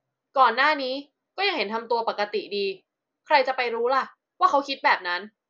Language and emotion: Thai, frustrated